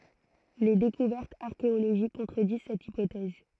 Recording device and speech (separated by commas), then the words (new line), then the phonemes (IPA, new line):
throat microphone, read sentence
Les découvertes archéologiques contredisent cette hypothèse.
le dekuvɛʁtz aʁkeoloʒik kɔ̃tʁədiz sɛt ipotɛz